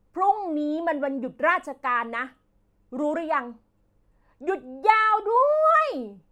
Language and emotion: Thai, frustrated